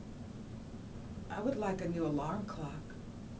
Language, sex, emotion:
English, female, neutral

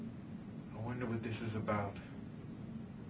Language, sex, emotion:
English, male, sad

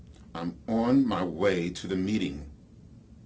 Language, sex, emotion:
English, male, angry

